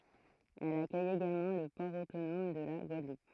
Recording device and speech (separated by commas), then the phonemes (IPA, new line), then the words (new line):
throat microphone, read sentence
ɛl akœj eɡalmɑ̃ lə pɔʁ otonɔm də la ɡwadlup
Elle accueille également le port autonome de la Guadeloupe.